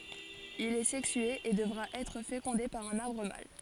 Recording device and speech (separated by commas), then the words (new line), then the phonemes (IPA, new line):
forehead accelerometer, read sentence
Il est sexué et devra être fécondé par un arbre mâle.
il ɛ sɛksye e dəvʁa ɛtʁ fekɔ̃de paʁ œ̃n aʁbʁ mal